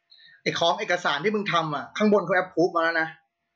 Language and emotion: Thai, frustrated